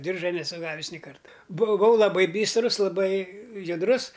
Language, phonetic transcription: Lithuanian, ˈdirža neˈsu ˈgavis ni ˈkarta buˈvau laˈbai ˈbystrus laˈbai judˈrus

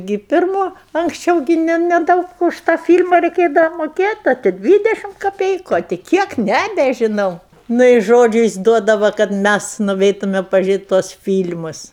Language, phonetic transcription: Lithuanian, gi pirˈmo anksˈčiau gi ˈne neˈdaug už tą fyl'ma reiˈkėdava moˈkėt' ˈa ti ˈdvydešim kaˈpeiku a ti ˈkiek ˈnebežinau ˈnu i ˈžodžiu jis ˈduodava kad ˈmæs nuˈveitume pažiuˈrėt' tuos ˈfyl'mus

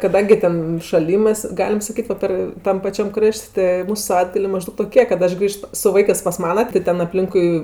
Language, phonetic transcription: Lithuanian, kaˈdangi ten šaˈlymɜs ˈgalim saˈkyt va ˈpar ˈtam paˈčiam ˈkraš't' tɜ ˈmūsu saˈvaitgalė maˈždaug toˈkė kad ˈaš ˈgrįžt su ˈvaikɜs pas ˈmana ti ˈten apˈlinkui

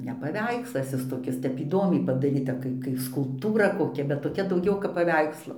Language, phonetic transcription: Lithuanian, ne paˈveikslas ˈis toˈkis ˈtep įˈdomiai padaˈryta ˈkai kai skulpˈtūra koˈkia bet toˈkia dauˈgiau kap paˈveikslo paˈveikslo

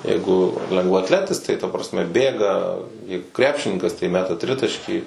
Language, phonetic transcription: Lithuanian, ˈjeigu lengvaatˈletis tai ta prasˈme ˈbėga ˈjeigu ˈkrepšininkas tai ˈmeta ˈtritaškį

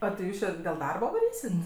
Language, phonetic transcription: Lithuanian, o ti ˈjūs či dėl ˈdarba vaˈrysit

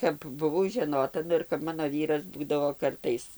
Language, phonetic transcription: Lithuanian, kap buˈvau žeˈnota ˈnu ir kap ˈmano ˈvyras ˈbūdavo ˈkartais

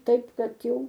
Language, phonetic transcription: Lithuanian, ˈtaip ˈkad ˈjau

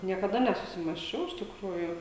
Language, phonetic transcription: Lithuanian, niekaˈda nesusimąsˈčiau iš tikˈrųjų

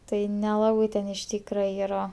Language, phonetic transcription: Lithuanian, ˈtai neˈlabai ten iš ˈtykra ˈyra

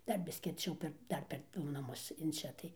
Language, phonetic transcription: Lithuanian, ˈdar ˈbiski arˈčiau per ˈdar per ˈdu naˈmus in ˈčia tai

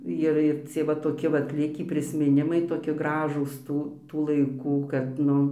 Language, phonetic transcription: Lithuanian, ˈir ir ˈcie va toˈki ˈvat ˈlikį prismiˈnimai toˈkie ˈgražūs ˈtų tų laiˈkų kad ˈnu

